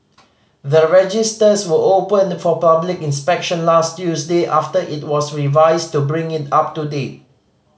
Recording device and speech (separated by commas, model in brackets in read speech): mobile phone (Samsung C5010), read sentence